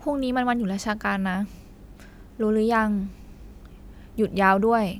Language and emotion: Thai, frustrated